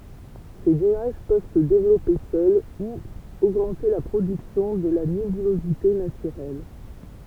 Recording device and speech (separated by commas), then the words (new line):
temple vibration pickup, read sentence
Ces nuages peuvent se développer seuls ou augmenter la production de la nébulosité naturelle.